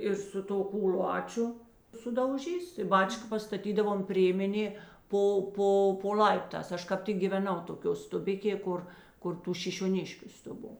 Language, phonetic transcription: Lithuanian, ir su ˈto kūˈlāčiu sudauˈžys tai ˈbačka pastaˈtydavom ˈprėmenė ˈpo ˈpo po ˈl'aiptās ˈaš kap ˈtik gyveˈnau toˈkio stuˈbikė ˈkur kur ˈtų šišioˈniškiu stuˈbo

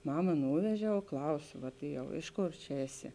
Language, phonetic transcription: Lithuanian, ˈmama ˈnūveˌžia o ˈklaus ˈvat i jau ˈiš ˌkor čia ˈeˌsi

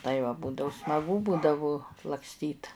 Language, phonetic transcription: Lithuanian, tai va ˈbūdau smaˈgu ˈbūdavu lakˈstyt

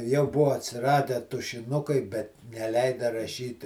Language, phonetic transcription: Lithuanian, jau ˈbuvo atsiˈradę tušiˈnukai bet neˈleida raˈšyt

